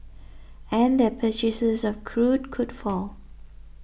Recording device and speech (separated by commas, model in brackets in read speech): boundary microphone (BM630), read sentence